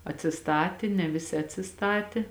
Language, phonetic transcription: Lithuanian, atsiˈstati ne ˈviˌsi atsiˈstati ˌ

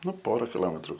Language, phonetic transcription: Lithuanian, ˈnu ˈpora kiˈlometru

